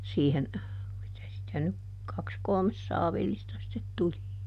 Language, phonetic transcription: Finnish, ˈsiihen , mitä sitä nyk ˈkaks "kolmes ˈsaavillista sⁱtet ˈtuli .
- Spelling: siihen mitä sitä nyt kaksi kolme saavillista sitten tuli

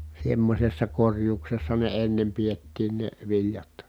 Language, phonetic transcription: Finnish, semmośessa korjuuksessa ne ennem piettiin ne , viĺjat .
- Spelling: semmoisessa korjuudessa ne ennen pidettiin ne viljat

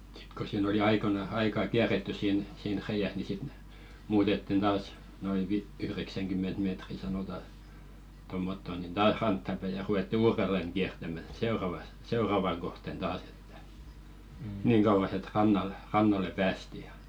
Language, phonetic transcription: Finnish, sɪt ko siin ‿oli 'aikona- "aikaa 'kiärettys siin , siin 'reijäs ni sit ⁿᵉ muutettin 'taas , noi vi- 'yhreksäŋɢym̆ment meetri sanota , tommotto nin "taah 'rantta päi ja ru₍etti "uurelleŋ 'ɢiärtämä 'seoravas , 'seoravaŋ ɢohten ᴅaas ‿ᴇttᴀ̈ , "niiŋ ɢauvas ‿et 'rannal , rannale päästi ja .
- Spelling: sitten kun siinä oli - aikaa kierretty siinä siinä reiässä niin sitten ne muutettiin taas noin - yhdeksänkymmentä metriä sanotaan tuommottoon niin taas rantaan päin ja ruvettiin uudelleen kiertämään seuraavassa seuravaa kohti taas että niin kauas että rannalle rannalle päästiin ja

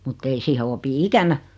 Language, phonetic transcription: Finnish, mut't ‿ei siihe 'opi "ikänä .
- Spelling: mutta ei siihen opi ikänä

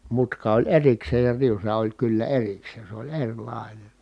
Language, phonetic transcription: Finnish, mutka oĺ erikseej ja riusa oĺ kyllä erikseen̬ se oĺ eŕlài̮nen̬ .
- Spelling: mutka oli erikseen ja riusa oli kyllä erikseen se oli erilainen

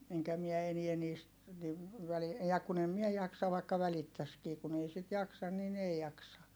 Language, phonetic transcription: Finnish, eŋkä miɛ eniä niist , niv , väli- , ja kun ‿em mie jaksa vaikka välittäskii kun ‿ei sit jaksan nin ‿ei jaksa .
- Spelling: enkä minä enää niistä niin - ja kun en minä jaksa vaikka välittäisikin kun ei sitä jaksa niin ei jaksa

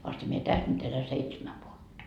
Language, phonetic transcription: Finnish, vasta mie 'täs nyt ‿elä 'seitsemä vuotta .
- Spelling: vasta minä tässä nyt elän seitsemän vuotta

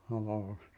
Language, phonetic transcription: Finnish, noo , sii- ,.
- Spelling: no -

